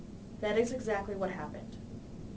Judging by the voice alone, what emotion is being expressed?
neutral